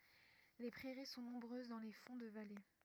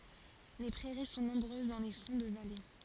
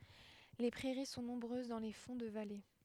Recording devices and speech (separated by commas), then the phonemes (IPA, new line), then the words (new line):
rigid in-ear microphone, forehead accelerometer, headset microphone, read sentence
le pʁɛʁi sɔ̃ nɔ̃bʁøz dɑ̃ le fɔ̃ də vale
Les prairies sont nombreuses dans les fonds de vallée.